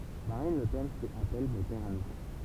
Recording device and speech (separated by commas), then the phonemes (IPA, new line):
temple vibration pickup, read sentence
maʁin lə pɛn fɛt apɛl mɛ pɛʁ a nuvo